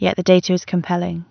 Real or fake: real